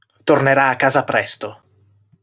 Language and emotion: Italian, angry